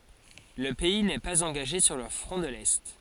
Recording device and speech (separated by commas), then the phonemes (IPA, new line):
forehead accelerometer, read sentence
lə pɛi nɛ paz ɑ̃ɡaʒe syʁ lə fʁɔ̃ də lɛ